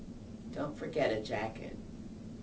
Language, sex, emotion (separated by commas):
English, female, neutral